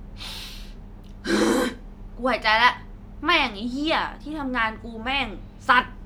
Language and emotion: Thai, angry